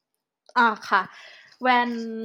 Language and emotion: Thai, neutral